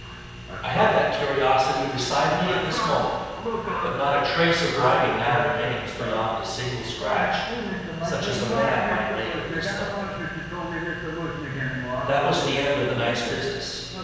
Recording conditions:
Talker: one person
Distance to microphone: 7.1 m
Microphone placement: far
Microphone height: 1.7 m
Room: very reverberant, large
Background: television

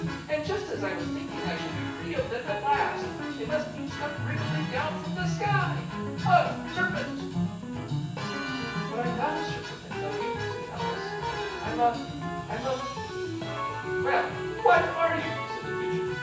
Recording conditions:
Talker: one person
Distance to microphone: 9.8 m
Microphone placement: far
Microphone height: 1.8 m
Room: large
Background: music

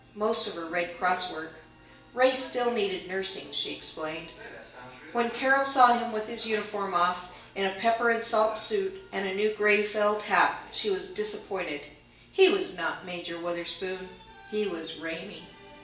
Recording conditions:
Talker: one person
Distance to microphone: 1.8 m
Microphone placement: close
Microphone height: 1.0 m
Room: large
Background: television

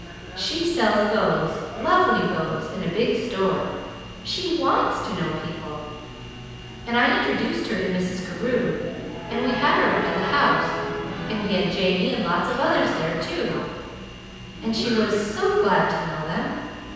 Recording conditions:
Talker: one person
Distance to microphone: 7.1 m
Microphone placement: far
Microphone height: 1.7 m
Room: very reverberant, large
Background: television

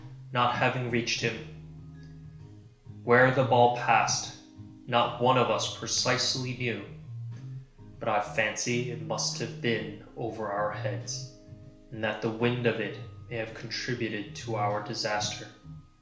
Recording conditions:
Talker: one person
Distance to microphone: 1.0 m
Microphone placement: close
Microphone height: 1.1 m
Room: small (3.7 m by 2.7 m)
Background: music

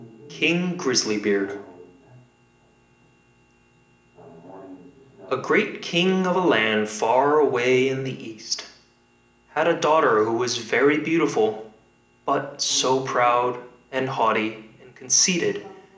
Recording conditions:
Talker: one person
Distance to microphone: 1.8 m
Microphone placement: close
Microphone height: 1.0 m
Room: large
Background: television

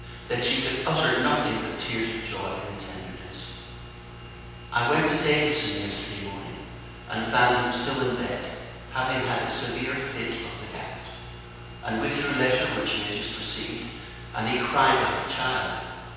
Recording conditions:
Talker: one person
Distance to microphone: 7.1 m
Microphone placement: far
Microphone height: 1.7 m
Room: very reverberant, large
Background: none

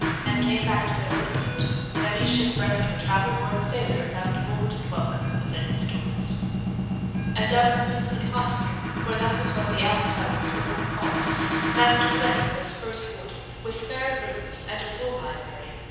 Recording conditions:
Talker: one person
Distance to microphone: 7.1 m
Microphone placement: far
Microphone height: 1.7 m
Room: very reverberant, large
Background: music

